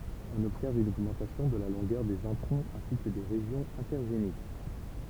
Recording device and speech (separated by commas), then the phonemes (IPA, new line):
temple vibration pickup, read sentence
ɔ̃n ɔbsɛʁv yn oɡmɑ̃tasjɔ̃ də la lɔ̃ɡœʁ dez ɛ̃tʁɔ̃z ɛ̃si kə de ʁeʒjɔ̃z ɛ̃tɛʁʒenik